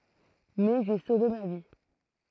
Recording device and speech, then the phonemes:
throat microphone, read sentence
mɛ ʒe sove ma vi

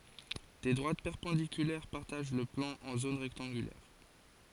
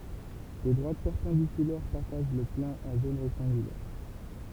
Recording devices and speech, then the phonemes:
forehead accelerometer, temple vibration pickup, read sentence
de dʁwat pɛʁpɑ̃dikylɛʁ paʁtaʒ lə plɑ̃ ɑ̃ zon ʁɛktɑ̃ɡylɛʁ

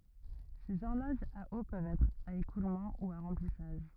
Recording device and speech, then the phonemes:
rigid in-ear microphone, read sentence
sez ɔʁloʒz a o pøvt ɛtʁ a ekulmɑ̃ u a ʁɑ̃plisaʒ

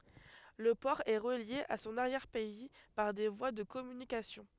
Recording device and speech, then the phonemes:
headset microphone, read sentence
lə pɔʁ ɛ ʁəlje a sɔ̃n aʁjɛʁ pɛi paʁ de vwa də kɔmynikasjɔ̃

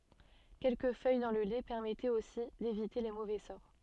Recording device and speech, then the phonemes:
soft in-ear microphone, read sentence
kɛlkə fœj dɑ̃ lə lɛ pɛʁmɛtɛt osi devite le movɛ sɔʁ

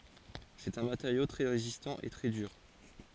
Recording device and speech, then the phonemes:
forehead accelerometer, read sentence
sɛt œ̃ mateʁjo tʁɛ ʁezistɑ̃ e tʁɛ dyʁ

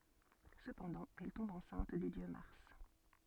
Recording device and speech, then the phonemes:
soft in-ear microphone, read sentence
səpɑ̃dɑ̃ ɛl tɔ̃b ɑ̃sɛ̃t dy djø maʁs

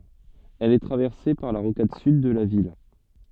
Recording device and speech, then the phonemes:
soft in-ear microphone, read sentence
ɛl ɛ tʁavɛʁse paʁ la ʁokad syd də la vil

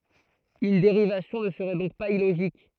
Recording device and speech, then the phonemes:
throat microphone, read sentence
yn deʁivasjɔ̃ nə səʁɛ dɔ̃k paz iloʒik

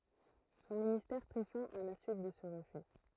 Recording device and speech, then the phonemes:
throat microphone, read sentence
sɔ̃ ministɛʁ pʁi fɛ̃ a la syit də sə ʁəfy

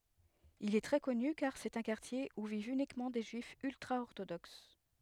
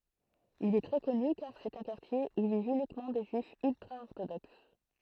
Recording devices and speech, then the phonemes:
headset microphone, throat microphone, read sentence
il ɛ tʁɛ kɔny kaʁ sɛt œ̃ kaʁtje u vivt ynikmɑ̃ de ʒyifz yltʁaɔʁtodoks

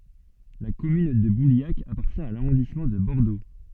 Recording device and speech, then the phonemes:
soft in-ear microphone, read sentence
la kɔmyn də buljak apaʁtjɛ̃ a laʁɔ̃dismɑ̃ də bɔʁdo

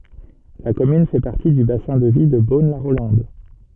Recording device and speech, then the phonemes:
soft in-ear microphone, read sentence
la kɔmyn fɛ paʁti dy basɛ̃ də vi də bonlaʁolɑ̃d

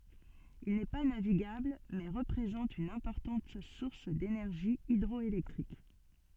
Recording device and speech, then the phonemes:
soft in-ear microphone, read sentence
il nɛ pa naviɡabl mɛ ʁəpʁezɑ̃t yn ɛ̃pɔʁtɑ̃t suʁs denɛʁʒi idʁɔelɛktʁik

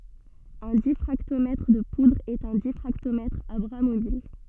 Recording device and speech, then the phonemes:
soft in-ear microphone, read sentence
œ̃ difʁaktomɛtʁ də pudʁz ɛt œ̃ difʁaktomɛtʁ a bʁa mobil

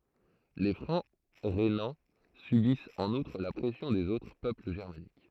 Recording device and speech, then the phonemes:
throat microphone, read sentence
le fʁɑ̃ ʁenɑ̃ sybist ɑ̃n utʁ la pʁɛsjɔ̃ dez otʁ pøpl ʒɛʁmanik

